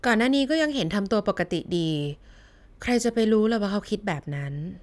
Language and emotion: Thai, neutral